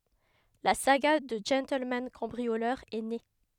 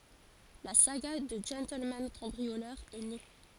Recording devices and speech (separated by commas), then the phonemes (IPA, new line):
headset microphone, forehead accelerometer, read sentence
la saɡa dy ʒɑ̃tlmɑ̃ kɑ̃bʁiolœʁ ɛ ne